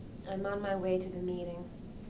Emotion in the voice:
neutral